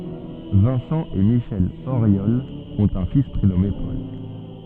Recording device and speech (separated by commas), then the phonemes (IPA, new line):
soft in-ear microphone, read sentence
vɛ̃sɑ̃ e miʃɛl oʁjɔl ɔ̃t œ̃ fis pʁenɔme pɔl